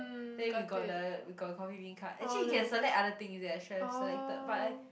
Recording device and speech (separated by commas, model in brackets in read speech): boundary microphone, conversation in the same room